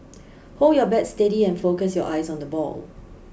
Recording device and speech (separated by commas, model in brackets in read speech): boundary microphone (BM630), read sentence